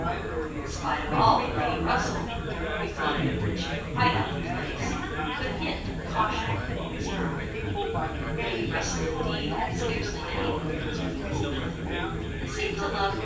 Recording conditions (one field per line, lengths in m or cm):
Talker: one person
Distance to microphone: 9.8 m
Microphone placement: far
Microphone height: 1.8 m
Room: large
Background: babble